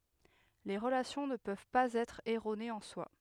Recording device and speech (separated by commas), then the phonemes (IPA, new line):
headset microphone, read sentence
le ʁəlasjɔ̃ nə pøv paz ɛtʁ ɛʁonez ɑ̃ swa